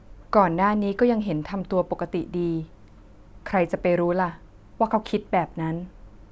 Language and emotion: Thai, neutral